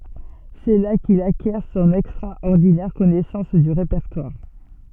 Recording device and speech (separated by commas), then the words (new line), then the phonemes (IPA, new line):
soft in-ear microphone, read sentence
C'est là qu'il acquiert son extraordinaire connaissance du répertoire.
sɛ la kil akjɛʁ sɔ̃n ɛkstʁaɔʁdinɛʁ kɔnɛsɑ̃s dy ʁepɛʁtwaʁ